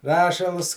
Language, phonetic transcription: Lithuanian, ˈrašals

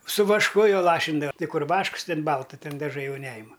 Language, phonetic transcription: Lithuanian, su vašˈku jo ˈlašindava ˈti ˈkur ˈvašks ˈtin ˈbalta ˈtin daˈžai ˈjau ˈnejima

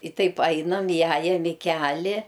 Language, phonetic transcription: Lithuanian, i ˈtaip ˈainam iˈjajam i ˈkeli

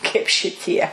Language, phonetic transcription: Lithuanian, kaip šiˈtie

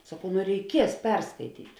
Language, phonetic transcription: Lithuanian, saˈkau nu reiˈkies ˈperskaityt'

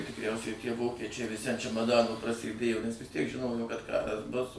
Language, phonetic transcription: Lithuanian, tikˈriausiai tie ˈvokečiai viˈsi an čemaˈdano prasėˈdėjo nes vis ˈtiek ˈžinojo kad ˈkaras bus

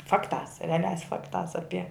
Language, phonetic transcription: Lithuanian, ˈfaktās reaˈliās ˈfaktās ˈapie

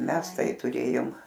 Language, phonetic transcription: Lithuanian, ˈmes ˈtai tuˈrėjom

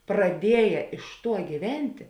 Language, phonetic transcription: Lithuanian, praˈdieja iš ˈtuo gyˈventi

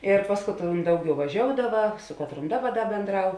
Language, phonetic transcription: Lithuanian, ir ˈpas katˌron ˈdauˌgiau vaˈžioudava ˈsu katˌron ˈdaˌba ˈda bėnˈdrau

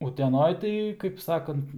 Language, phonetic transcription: Lithuanian, uteˈnoj tai kaip ˈsakant

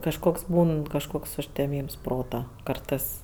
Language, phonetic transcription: Lithuanian, kažˈkoks ˈbūn kažˈkoks užteˈmyms ˈprota ˈkartɜs

